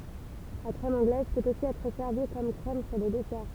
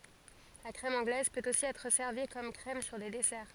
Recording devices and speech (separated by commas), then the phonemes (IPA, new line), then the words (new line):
temple vibration pickup, forehead accelerometer, read sentence
la kʁɛm ɑ̃ɡlɛz pøt osi ɛtʁ sɛʁvi kɔm kʁɛm syʁ de dɛsɛʁ
La crème anglaise peut aussi être servie comme crème sur des desserts.